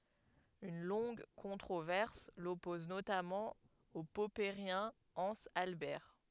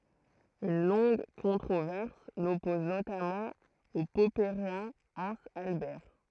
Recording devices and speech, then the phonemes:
headset microphone, throat microphone, read sentence
yn lɔ̃ɡ kɔ̃tʁovɛʁs lɔpɔz notamɑ̃ o pɔpəʁjɛ̃ ɑ̃z albɛʁ

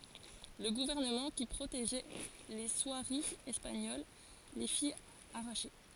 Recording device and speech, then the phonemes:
forehead accelerometer, read sentence
lə ɡuvɛʁnəmɑ̃ ki pʁoteʒɛ le swaʁiz ɛspaɲol le fi aʁaʃe

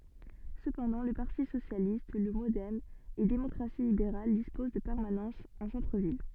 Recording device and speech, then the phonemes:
soft in-ear microphone, read sentence
səpɑ̃dɑ̃ lə paʁti sosjalist lə modɛm e demɔkʁasi libeʁal dispoz də pɛʁmanɑ̃sz ɑ̃ sɑ̃tʁəvil

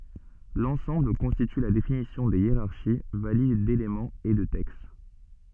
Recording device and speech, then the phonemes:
soft in-ear microphone, read sentence
lɑ̃sɑ̃bl kɔ̃stity la definisjɔ̃ de jeʁaʁʃi valid delemɑ̃z e də tɛkst

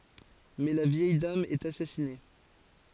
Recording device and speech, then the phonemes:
forehead accelerometer, read sentence
mɛ la vjɛj dam ɛt asasine

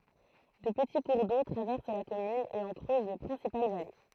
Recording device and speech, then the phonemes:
throat microphone, read sentence
dø pəti kuʁ do tʁavɛʁs la kɔmyn e ɑ̃ kʁøz le pʁɛ̃sipal vale

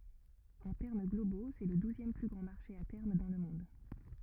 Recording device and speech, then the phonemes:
rigid in-ear microphone, read sentence
ɑ̃ tɛʁm ɡlobo sɛ lə duzjɛm ply ɡʁɑ̃ maʁʃe a tɛʁm dɑ̃ lə mɔ̃d

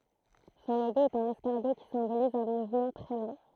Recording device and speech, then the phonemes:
throat microphone, read sentence
sɔ̃ loɡo ɛt œ̃n ɛskaʁɡo ki sɛ̃boliz œ̃ muvmɑ̃ tʁɛ lɑ̃

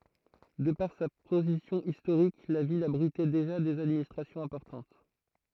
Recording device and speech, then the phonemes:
throat microphone, read sentence
də paʁ sa pozisjɔ̃ istoʁik la vil abʁitɛ deʒa dez administʁasjɔ̃z ɛ̃pɔʁtɑ̃t

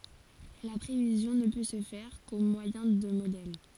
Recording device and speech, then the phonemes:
forehead accelerometer, read sentence
la pʁevizjɔ̃ nə pø sə fɛʁ ko mwajɛ̃ də modɛl

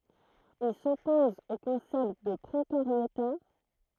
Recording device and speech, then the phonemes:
throat microphone, read sentence
il sɔpɔz o kɔ̃sɛpt də pʁokaʁjota

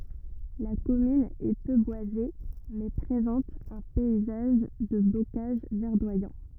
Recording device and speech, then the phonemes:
rigid in-ear microphone, read sentence
la kɔmyn ɛ pø bwaze mɛ pʁezɑ̃t œ̃ pɛizaʒ də bokaʒ vɛʁdwajɑ̃

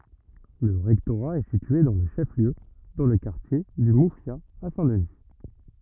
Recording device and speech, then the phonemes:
rigid in-ear microphone, read sentence
lə ʁɛktoʁa ɛ sitye dɑ̃ lə ʃɛf ljø dɑ̃ lə kaʁtje dy mufja a sɛ̃ dəni

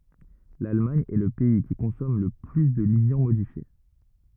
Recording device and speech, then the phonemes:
rigid in-ear microphone, read sentence
lalmaɲ ɛ lə pɛi ki kɔ̃sɔm lə ply də ljɑ̃ modifje

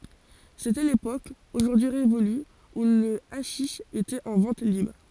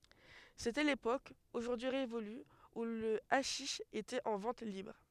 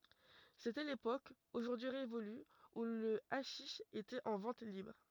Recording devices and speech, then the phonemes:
forehead accelerometer, headset microphone, rigid in-ear microphone, read sentence
setɛ lepok oʒuʁdyi ʁevoly u lə aʃiʃ etɛt ɑ̃ vɑ̃t libʁ

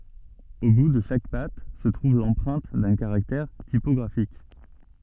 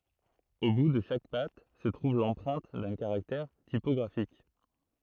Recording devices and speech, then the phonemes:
soft in-ear microphone, throat microphone, read sentence
o bu də ʃak pat sə tʁuv lɑ̃pʁɛ̃t dœ̃ kaʁaktɛʁ tipɔɡʁafik

